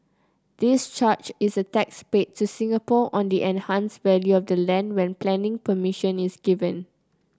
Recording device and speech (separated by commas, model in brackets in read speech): close-talking microphone (WH30), read sentence